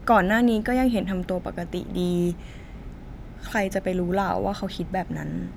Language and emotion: Thai, sad